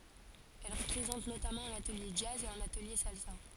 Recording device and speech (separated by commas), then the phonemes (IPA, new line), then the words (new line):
forehead accelerometer, read sentence
ɛl pʁezɑ̃t notamɑ̃ œ̃n atəlje dʒaz e œ̃n atəlje salsa
Elle présente notamment un atelier jazz et un atelier salsa.